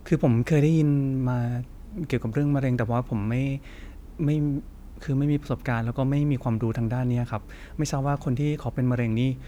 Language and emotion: Thai, neutral